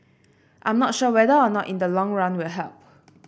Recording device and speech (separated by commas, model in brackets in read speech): boundary microphone (BM630), read sentence